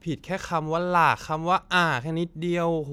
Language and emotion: Thai, frustrated